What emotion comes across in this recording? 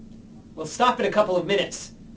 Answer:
angry